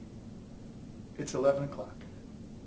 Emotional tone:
neutral